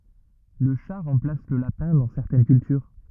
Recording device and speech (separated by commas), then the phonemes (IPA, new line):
rigid in-ear microphone, read sentence
lə ʃa ʁɑ̃plas lə lapɛ̃ dɑ̃ sɛʁtɛn kyltyʁ